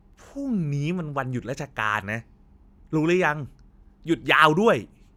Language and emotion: Thai, frustrated